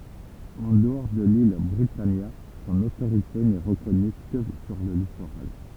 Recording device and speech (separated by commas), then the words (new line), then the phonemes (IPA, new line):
temple vibration pickup, read sentence
En dehors de l'île Britannia, son autorité n'est reconnue que sur le littoral.
ɑ̃ dəɔʁ də lil bʁitanja sɔ̃n otoʁite nɛ ʁəkɔny kə syʁ lə litoʁal